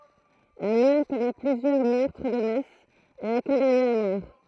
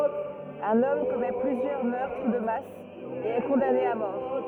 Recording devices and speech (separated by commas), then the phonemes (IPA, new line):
throat microphone, rigid in-ear microphone, read sentence
œ̃n ɔm kɔmɛ plyzjœʁ mœʁtʁ də mas e ɛ kɔ̃dane a mɔʁ